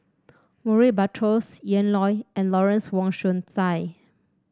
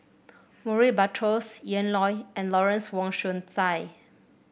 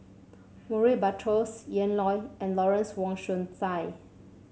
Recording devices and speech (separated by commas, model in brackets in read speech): standing microphone (AKG C214), boundary microphone (BM630), mobile phone (Samsung C7), read sentence